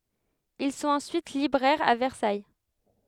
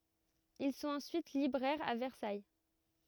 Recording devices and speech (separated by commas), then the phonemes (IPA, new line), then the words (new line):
headset microphone, rigid in-ear microphone, read sentence
il sɔ̃t ɑ̃syit libʁɛʁz a vɛʁsaj
Ils sont ensuite libraires à Versailles.